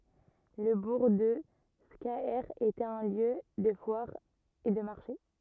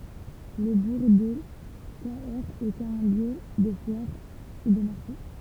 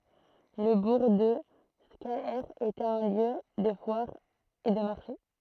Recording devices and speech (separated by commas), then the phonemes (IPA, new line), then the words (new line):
rigid in-ear microphone, temple vibration pickup, throat microphone, read sentence
lə buʁ də skaɛʁ etɛt œ̃ ljø də fwaʁ e də maʁʃe
Le bourg de Scaër était un lieu de foire et de marché.